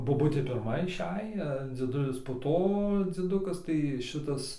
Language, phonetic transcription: Lithuanian, boˈbutė pirˈma iˈšej a dzieˈdulis po ˈto dzieˈdukas tai ˈšitas

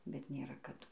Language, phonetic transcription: Lithuanian, bet nėˈra kaˈdu

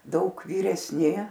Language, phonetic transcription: Lithuanian, ˈdaug vyresˈni

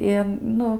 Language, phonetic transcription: Lithuanian, i ˈnu

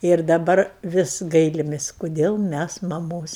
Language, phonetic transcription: Lithuanian, ir daˈbar ˈvis ˈgailimis' koˈdėl ˈmæs maˈmos

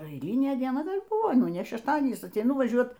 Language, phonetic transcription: Lithuanian, eiˈlynė dieˈna ˈgal' ˈbūvo ˈnu ne šešˈtadienys ateiˈnu vaˈžiuot

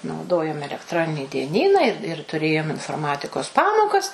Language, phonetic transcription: Lithuanian, nauˈdojom elekˈtronini dieˈnyną ir ir tuˈrėjom inforˈmatikos ˈpamokas

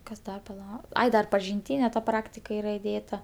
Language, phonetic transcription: Lithuanian, ˈkas ˈdar paˈla ˈai dar pažinˈtyne ˈpraktika ˈyra iˈdėta

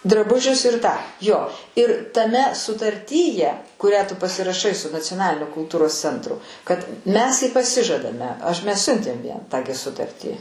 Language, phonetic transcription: Lithuanian, draˈbužius ir tą ˈjo ir taˈme sutarˈtyje kuˈrią tu pasiraˈšai su nacioˈnalinio kulˈtūros ˈcentru kad mes i paˈsižadame ˈaš mes ˈsiuntėm ˈjiem tą gi ˈsutartį

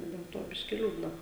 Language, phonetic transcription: Lithuanian, del ˈto ˈbiški ˈliūdna

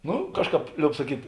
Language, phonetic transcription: Lithuanian, ˈnu ˈkažˌkāp ˈlioub saˈkyt'

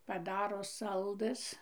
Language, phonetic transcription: Lithuanian, paˈdaro ˈsaldɘs

